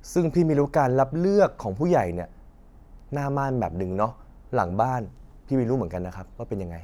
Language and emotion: Thai, frustrated